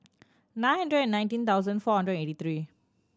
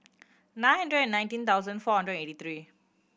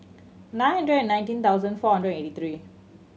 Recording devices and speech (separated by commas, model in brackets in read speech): standing microphone (AKG C214), boundary microphone (BM630), mobile phone (Samsung C7100), read sentence